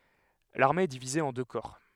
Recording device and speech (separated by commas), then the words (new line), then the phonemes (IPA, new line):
headset microphone, read sentence
L'armée est divisée en deux corps.
laʁme ɛ divize ɑ̃ dø kɔʁ